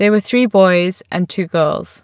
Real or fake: real